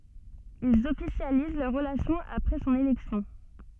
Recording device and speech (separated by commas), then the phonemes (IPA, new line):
soft in-ear microphone, read sentence
ilz ɔfisjaliz lœʁ ʁəlasjɔ̃ apʁɛ sɔ̃n elɛksjɔ̃